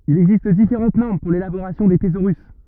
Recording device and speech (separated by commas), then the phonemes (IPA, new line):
rigid in-ear microphone, read sentence
il ɛɡzist difeʁɑ̃t nɔʁm puʁ lelaboʁasjɔ̃ de tezoʁys